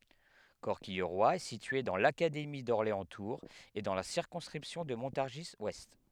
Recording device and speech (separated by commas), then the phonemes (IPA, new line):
headset microphone, read sentence
kɔʁkijʁwa ɛ sitye dɑ̃ lakademi dɔʁleɑ̃stuʁz e dɑ̃ la siʁkɔ̃skʁipsjɔ̃ də mɔ̃taʁʒizwɛst